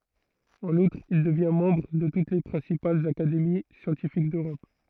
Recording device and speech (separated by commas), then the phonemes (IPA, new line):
throat microphone, read sentence
ɑ̃n utʁ il dəvjɛ̃ mɑ̃bʁ də tut le pʁɛ̃sipalz akademi sjɑ̃tifik døʁɔp